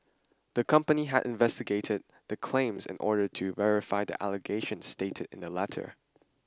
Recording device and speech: standing microphone (AKG C214), read sentence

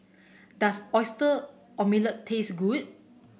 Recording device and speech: boundary microphone (BM630), read sentence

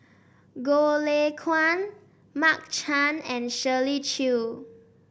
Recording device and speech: boundary microphone (BM630), read sentence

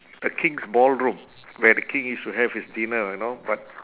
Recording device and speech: telephone, conversation in separate rooms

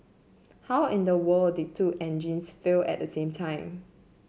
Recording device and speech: mobile phone (Samsung C7), read sentence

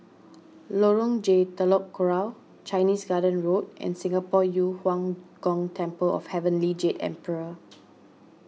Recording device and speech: mobile phone (iPhone 6), read sentence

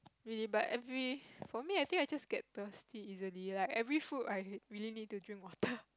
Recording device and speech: close-talking microphone, conversation in the same room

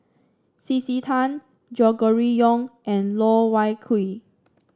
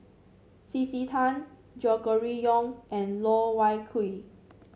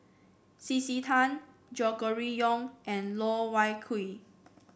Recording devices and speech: standing microphone (AKG C214), mobile phone (Samsung C7), boundary microphone (BM630), read sentence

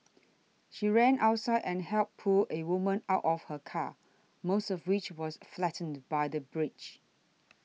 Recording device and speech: mobile phone (iPhone 6), read sentence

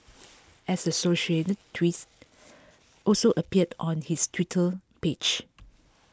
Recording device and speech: close-talking microphone (WH20), read sentence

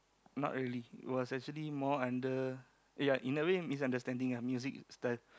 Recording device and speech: close-talking microphone, conversation in the same room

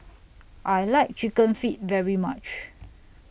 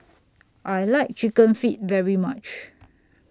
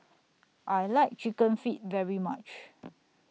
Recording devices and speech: boundary microphone (BM630), standing microphone (AKG C214), mobile phone (iPhone 6), read sentence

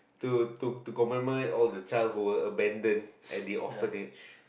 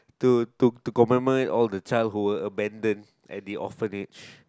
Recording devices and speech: boundary microphone, close-talking microphone, conversation in the same room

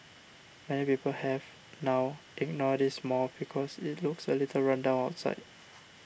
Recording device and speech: boundary microphone (BM630), read sentence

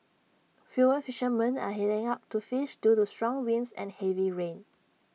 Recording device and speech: mobile phone (iPhone 6), read sentence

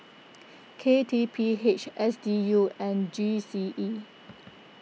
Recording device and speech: mobile phone (iPhone 6), read sentence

